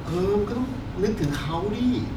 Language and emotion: Thai, frustrated